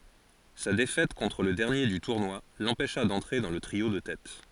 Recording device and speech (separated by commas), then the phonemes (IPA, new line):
forehead accelerometer, read sentence
sa defɛt kɔ̃tʁ lə dɛʁnje dy tuʁnwa lɑ̃pɛʃa dɑ̃tʁe dɑ̃ lə tʁio də tɛt